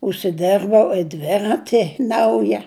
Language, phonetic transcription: Lithuanian, užsiˈderbau i ˈdverati ˈnauja

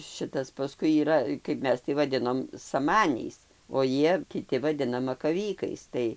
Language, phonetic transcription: Lithuanian, ˈšitas paˈskui yˈra kaip ˈmes tai vaˈdinom saˈmaniais o ˈjie kiˈti vaˈdina makaˈvykais ˈtai

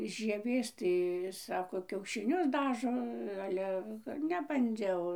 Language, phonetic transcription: Lithuanian, žieˈvės ˈtai ˈsako kiaušiˈnius ˈdažo ˈale nebanˈdžiau

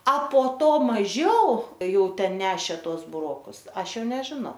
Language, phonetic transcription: Lithuanian, a po ˈto maˈžiau ˈjau ˈten ˈnešė ˈtuos buˈrokus ˈaš ˈjau nežiˈnau

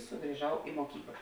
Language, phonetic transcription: Lithuanian, sugriˈžau i moˈkykla

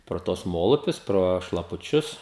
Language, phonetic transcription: Lithuanian, pro ˈtuos ˈmolupius pro šlapuˈčius

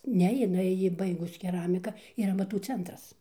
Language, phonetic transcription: Lithuanian, ˈne jiˈnai ˈji ˈbaigus keˈramika ˈyr amaˈtų ˈcentras

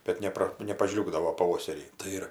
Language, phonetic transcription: Lithuanian, bet ˈnepra nepaˈžliūgdavo paˈvoserį tai ˈir

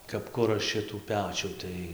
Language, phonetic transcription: Lithuanian, kap ˈkura ˈšitų ˈpečių ˈtai

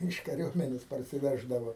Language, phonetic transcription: Lithuanian, ˈyš kaˈriuomenės parsiˈveždavo

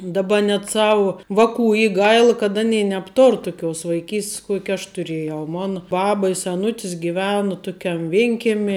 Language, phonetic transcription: Lithuanian, daˈba net ˈsavu ˈvaˌkų ˈy ˈgail kad aˈnėi nebˈtor tuˈkios vaiˈkys't's ˈkuoki aš tuˈrėjau ˈmona ˈbaba i seˈnutis giˈvenu ˈtukiam ˈvinkemi

